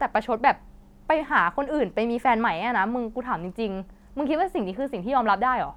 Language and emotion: Thai, frustrated